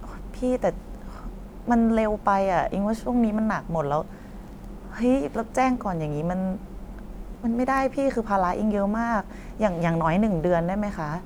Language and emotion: Thai, frustrated